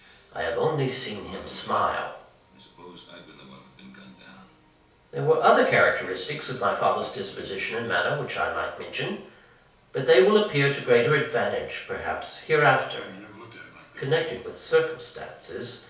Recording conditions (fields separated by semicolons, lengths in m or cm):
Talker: one person; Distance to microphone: 3.0 m; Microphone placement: far; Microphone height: 1.8 m; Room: small (3.7 m by 2.7 m); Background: television